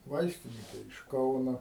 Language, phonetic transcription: Lithuanian, ˈvaistinike iš ˈkauno

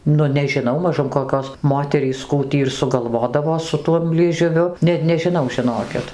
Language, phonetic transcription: Lithuanian, ˈnu nežiˈnau maˈžum koˈkios ˈmoterys ˈkų tį ir suˈgalvodavo su ˈtuom liežuˈviu net nežiˈnau žiˈnokit

